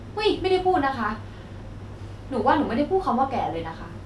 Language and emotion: Thai, frustrated